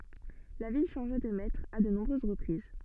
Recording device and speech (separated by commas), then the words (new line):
soft in-ear microphone, read sentence
La ville changea de maîtres à de nombreuses reprises.